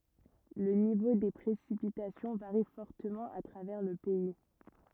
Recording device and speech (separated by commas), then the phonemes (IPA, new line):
rigid in-ear microphone, read sentence
lə nivo de pʁesipitasjɔ̃ vaʁi fɔʁtəmɑ̃ a tʁavɛʁ lə pɛi